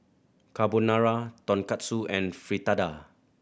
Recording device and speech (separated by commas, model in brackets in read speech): boundary microphone (BM630), read sentence